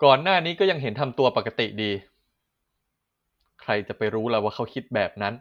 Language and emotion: Thai, frustrated